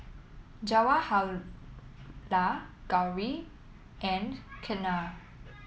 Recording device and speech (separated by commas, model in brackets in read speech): mobile phone (iPhone 7), read sentence